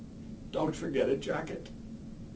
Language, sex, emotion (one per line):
English
male
sad